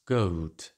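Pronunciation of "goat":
In 'goat', the vowel is a closing diphthong that ends with a w glide, as in standard southern British.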